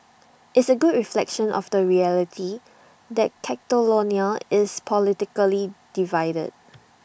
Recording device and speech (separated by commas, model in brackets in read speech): boundary microphone (BM630), read sentence